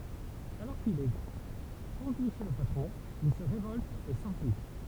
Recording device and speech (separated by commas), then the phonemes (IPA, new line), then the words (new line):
temple vibration pickup, read sentence
alɔʁ kil ɛ kɔ̃dyi ʃe lə patʁɔ̃ il sə ʁevɔlt e sɑ̃fyi
Alors qu'il est conduit chez le patron, il se révolte et s'enfuit.